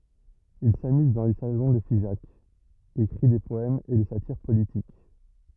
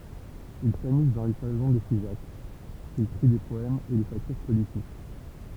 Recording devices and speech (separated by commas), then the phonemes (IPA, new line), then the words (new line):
rigid in-ear microphone, temple vibration pickup, read sentence
il samyz dɑ̃ le salɔ̃ də fiʒak ekʁi de pɔɛmz e de satiʁ politik
Il s’amuse dans les salons de Figeac, écrit des poèmes et des satyres politiques.